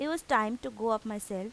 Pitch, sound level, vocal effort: 220 Hz, 87 dB SPL, normal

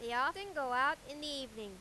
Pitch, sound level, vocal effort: 280 Hz, 98 dB SPL, very loud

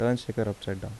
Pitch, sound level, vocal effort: 110 Hz, 77 dB SPL, soft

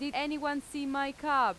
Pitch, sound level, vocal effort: 280 Hz, 93 dB SPL, very loud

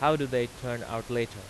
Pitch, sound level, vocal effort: 120 Hz, 92 dB SPL, loud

